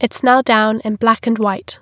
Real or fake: real